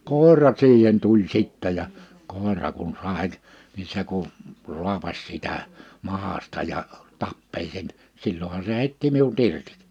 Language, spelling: Finnish, koira siihen tuli sitten ja koira kun sai niin se kun rupesi sitä mahasta ja tappeli sen silloinhan se heitti minut irti
- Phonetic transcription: kòera 'siihen 'tuĺ 'sittä ja , 'kòera kun (s)àek̳ , ni 'se kun , 'ruapas sitä , 'mahasta ja , 'tappeĺ seɴ , 'sil̜l̜oha se hèitti 'miu"t ‿irtiᵏ .

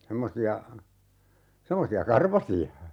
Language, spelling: Finnish, semmoisia semmoisia karvaisia
- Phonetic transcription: 'semmosi₍a , 'semmosi₍a "karvasi₍a .

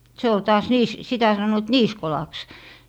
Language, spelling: Finnish, se oli taas - sitä sanoivat niisikolaksi
- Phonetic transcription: 'se ol taas 'niis- , 'sitä sannoit "niiskolaks .

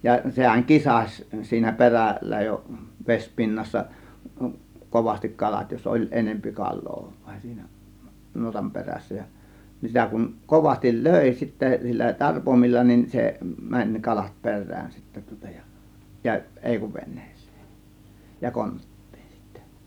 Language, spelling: Finnish, ja sehän kisasi siinä perällä jo vesipinnassa kovasti kalat jos oli enempi kalaa vain siinä nuotan perässä ja niin sitä kun kovasti löi sitten sillä tarpoimilla niin se meni ne kalat perään sitten tuota ja ja ei kuin veneeseen ja konttiin sitten
- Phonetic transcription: ja 'sehäŋ "kisaś siinä 'peräl̆lä jo , 'vespinnassa , 'kovastik 'kalat jos 'ˀoĺ 'enempi 'kal̆loo VAIN SIINÄ , 'nuotam 'perässä ja , nin 'sitä kuŋ , 'kovastil "lö̀ė sittä (si)llä 'tarpomilla nin , 'se mäń (ne) 'kalat 'per̆rään sittä tŬŎtA JA , ja "ˀèi kuv 'vennEEsEE , ja "kont̀tIIN sIttÄ .

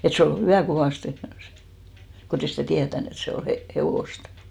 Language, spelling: Finnish, että se oli hyvää kovasti kun ei sitä tietänyt että se on - hevosta
- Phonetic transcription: et 'se ol "hyvä̀ 'kovàste , 'kotei sitä̀ 'tiätän ‿et 'se o 'he- , "hevòst .

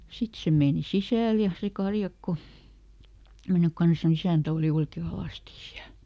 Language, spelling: Finnish, sitten se meni sisälle ja se karjakko mennyt kanssa niin isäntä oli oikein alasti siellä
- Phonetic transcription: ˈsit se meeni "sisä̀l ja , se ˈkarjakko , ˈmennyk ˈkans ni "isä̀ntä òli ˈoike "alàsti siäl .

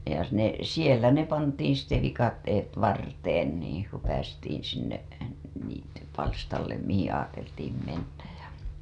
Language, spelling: Finnish, ja ne siellä ne pantiin sitten viikatteet varteen niin kun päästiin sinne niittypalstalle mihin ajateltiin mennä ja
- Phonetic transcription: ja ne , "sielä ne pantiin̬ sitte 'vikatteet 'varteen nii , ku päästiin̬ sinne , niittypalstallenm mihiḭ aateltiim mennäj ja .

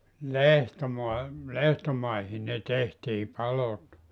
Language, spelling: Finnish, lehtomaa lehtomaihin ne tehtiin palot
- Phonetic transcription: "lehtomua , "lehtomaihi ne 'tehtii 'palot .

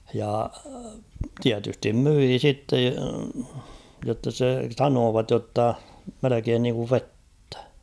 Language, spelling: Finnish, ja tietysti myi sitten jotta se sanoivat jotta melkein niin kuin vettä
- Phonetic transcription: ja "tiätystim 'myii 'sitte , jotta se , "sanoovat jotta , "melekeen niiŋkuv "vettᴀ̈ .

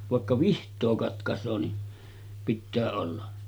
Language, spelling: Finnish, vaikka vihtaa katkaisee niin pitää olla
- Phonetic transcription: vàekka 'viht̆too katkas̀oo ni , pittää olla .

